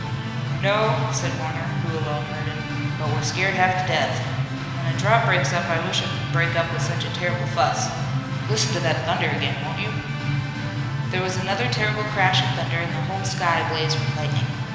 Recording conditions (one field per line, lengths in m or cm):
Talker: one person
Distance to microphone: 1.7 m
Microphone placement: close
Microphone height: 1.0 m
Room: very reverberant, large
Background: music